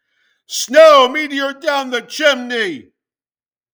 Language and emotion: English, sad